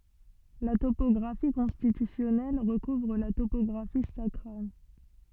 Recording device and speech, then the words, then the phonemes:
soft in-ear microphone, read sentence
La topographie constitutionnelle recouvre la topographie sacrale.
la topɔɡʁafi kɔ̃stitysjɔnɛl ʁəkuvʁ la topɔɡʁafi sakʁal

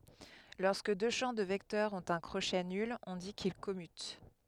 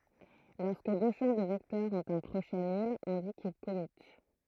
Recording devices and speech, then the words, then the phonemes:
headset microphone, throat microphone, read sentence
Lorsque deux champs de vecteurs ont un crochet nul, on dit qu'ils commutent.
lɔʁskə dø ʃɑ̃ də vɛktœʁz ɔ̃t œ̃ kʁoʃɛ nyl ɔ̃ di kil kɔmyt

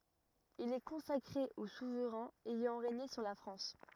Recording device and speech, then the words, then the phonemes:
rigid in-ear microphone, read sentence
Il est consacré aux souverains ayant régné sur la France.
il ɛ kɔ̃sakʁe o suvʁɛ̃z ɛjɑ̃ ʁeɲe syʁ la fʁɑ̃s

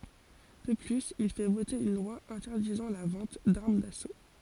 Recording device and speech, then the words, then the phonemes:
forehead accelerometer, read sentence
De plus, il fait voter une loi interdisant la vente d'armes d'assaut.
də plyz il fɛ vote yn lwa ɛ̃tɛʁdizɑ̃ la vɑ̃t daʁm daso

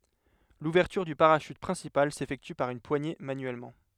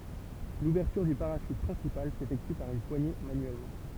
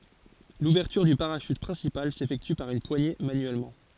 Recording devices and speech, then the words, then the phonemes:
headset microphone, temple vibration pickup, forehead accelerometer, read sentence
L'ouverture du parachute principal s'effectue par une poignée manuellement.
luvɛʁtyʁ dy paʁaʃyt pʁɛ̃sipal sefɛkty paʁ yn pwaɲe manyɛlmɑ̃

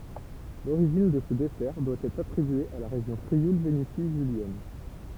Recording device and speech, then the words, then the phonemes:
temple vibration pickup, read sentence
L'origine de ce dessert doit être attribuée à la région Frioul-Vénétie julienne.
loʁiʒin də sə dɛsɛʁ dwa ɛtʁ atʁibye a la ʁeʒjɔ̃ fʁiul veneti ʒyljɛn

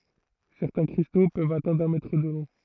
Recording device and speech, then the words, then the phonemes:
throat microphone, read sentence
Certains cristaux peuvent atteindre un mètre de long.
sɛʁtɛ̃ kʁisto pøvt atɛ̃dʁ œ̃ mɛtʁ də lɔ̃

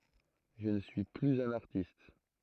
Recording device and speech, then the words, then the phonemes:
throat microphone, read sentence
Je ne suis plus un artiste.
ʒə nə syi plyz œ̃n aʁtist

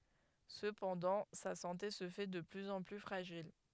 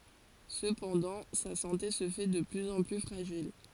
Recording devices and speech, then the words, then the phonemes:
headset microphone, forehead accelerometer, read sentence
Cependant, sa santé se fait de plus en plus fragile.
səpɑ̃dɑ̃ sa sɑ̃te sə fɛ də plyz ɑ̃ ply fʁaʒil

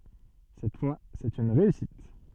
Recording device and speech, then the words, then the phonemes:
soft in-ear microphone, read sentence
Cette fois, c’est une réussite.
sɛt fwa sɛt yn ʁeysit

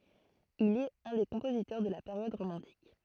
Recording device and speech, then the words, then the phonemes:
throat microphone, read sentence
Il est un des compositeurs de la période romantique.
il ɛt œ̃ de kɔ̃pozitœʁ də la peʁjɔd ʁomɑ̃tik

